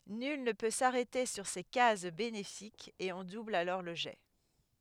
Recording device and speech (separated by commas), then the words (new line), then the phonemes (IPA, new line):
headset microphone, read sentence
Nul ne peut s'arrêter sur ces cases bénéfiques et on double alors le jet.
nyl nə pø saʁɛte syʁ se kaz benefikz e ɔ̃ dubl alɔʁ lə ʒɛ